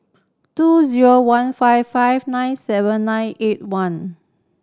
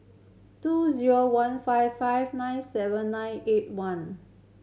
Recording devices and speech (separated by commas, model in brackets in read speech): standing microphone (AKG C214), mobile phone (Samsung C7100), read sentence